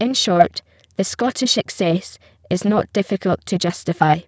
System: VC, spectral filtering